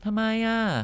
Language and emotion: Thai, neutral